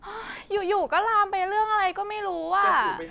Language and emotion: Thai, frustrated